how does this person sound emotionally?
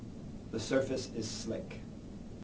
neutral